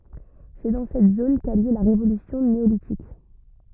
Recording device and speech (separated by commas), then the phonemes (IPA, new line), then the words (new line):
rigid in-ear microphone, read sentence
sɛ dɑ̃ sɛt zon ka y ljø la ʁevolysjɔ̃ neolitik
C'est dans cette zone qu'a eu lieu la révolution néolithique.